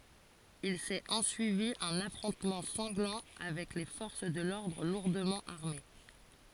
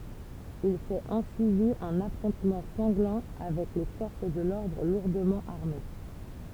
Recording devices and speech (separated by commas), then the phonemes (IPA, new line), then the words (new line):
forehead accelerometer, temple vibration pickup, read sentence
il sɛt ɑ̃syivi œ̃n afʁɔ̃tmɑ̃ sɑ̃ɡlɑ̃ avɛk le fɔʁs də lɔʁdʁ luʁdəmɑ̃ aʁme
Il s'est ensuivi un affrontement sanglant avec les forces de l'ordre lourdement armées.